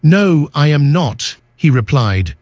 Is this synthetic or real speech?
synthetic